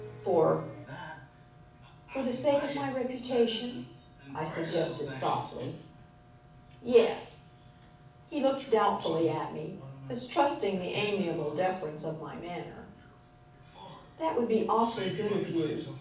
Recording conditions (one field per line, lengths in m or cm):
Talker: one person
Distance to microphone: 5.8 m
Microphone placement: far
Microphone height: 1.8 m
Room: medium-sized (5.7 m by 4.0 m)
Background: television